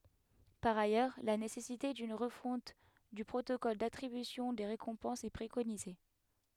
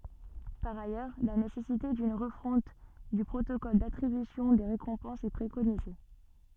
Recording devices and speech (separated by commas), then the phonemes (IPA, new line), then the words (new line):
headset microphone, soft in-ear microphone, read sentence
paʁ ajœʁ la nesɛsite dyn ʁəfɔ̃t dy pʁotokɔl datʁibysjɔ̃ de ʁekɔ̃pɑ̃sz ɛ pʁekonize
Par ailleurs, la nécessité d'une refonte du protocole d'attribution des récompenses est préconisée.